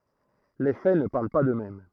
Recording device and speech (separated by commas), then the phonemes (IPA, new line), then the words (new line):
throat microphone, read sentence
le fɛ nə paʁl pa døksmɛm
Les faits ne parlent pas d’eux-mêmes.